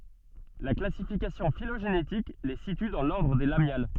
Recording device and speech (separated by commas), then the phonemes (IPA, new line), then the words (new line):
soft in-ear microphone, read sentence
la klasifikasjɔ̃ filoʒenetik le sity dɑ̃ lɔʁdʁ de lamjal
La classification phylogénétique les situe dans l'ordre des Lamiales.